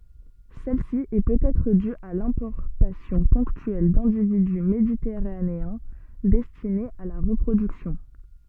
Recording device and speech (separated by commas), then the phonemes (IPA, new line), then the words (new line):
soft in-ear microphone, read sentence
sɛlsi ɛ pøtɛtʁ dy a lɛ̃pɔʁtasjɔ̃ pɔ̃ktyɛl dɛ̃dividy meditɛʁaneɛ̃ dɛstinez a la ʁəpʁodyksjɔ̃
Celle-ci est peut-être due à l'importation ponctuelle d'individus méditerranéens, destinés à la reproduction.